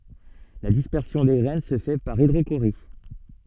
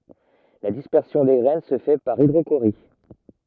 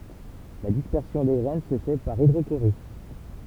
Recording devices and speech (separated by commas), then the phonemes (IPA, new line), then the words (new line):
soft in-ear microphone, rigid in-ear microphone, temple vibration pickup, read sentence
la dispɛʁsjɔ̃ de ɡʁɛn sə fɛ paʁ idʁoʃoʁi
La dispersion des graines se fait par hydrochorie.